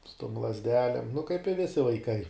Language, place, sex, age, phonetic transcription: Lithuanian, Žemaitija, male, 18-60, su tom lazˈdelėm nu kaip i ˈvisi vaiˈkai

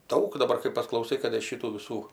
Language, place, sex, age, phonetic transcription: Lithuanian, Aukštaitija, female, 60+, ˈdaug daˈbar kai pasklauˈsai kad ir ˈšitų viˈsų

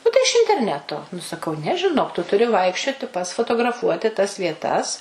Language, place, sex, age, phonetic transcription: Lithuanian, Suvalkija, female, 60+, ˈnu tai iš interˈneto nu saˈkau ne žiˈnok tu tuˈri ˈvaikščioti pats fotograˈfuoti tas vieˈtas

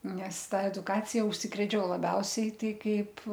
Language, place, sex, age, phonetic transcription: Lithuanian, Aukštaitija, female, 60+, nes ˈta eduˈkacija užˈsikrėčiau laˈbiausiai ˈtai ˈkaip

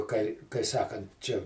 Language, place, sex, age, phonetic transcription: Lithuanian, Žemaitija, male, 60+, kai kai ˈsakant ˈčia

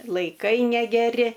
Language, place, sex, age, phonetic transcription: Lithuanian, Aukštaitija, female, 60+, laiˈkai negeˈri

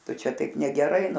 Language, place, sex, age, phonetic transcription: Lithuanian, Aukštaitija, female, 60+, ˈtu ˈčia ˈtaip negeˈrai

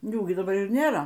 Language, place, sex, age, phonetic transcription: Lithuanian, Aukštaitija, female, 60+, ˈjų gi daˈbar ir ˈnėra

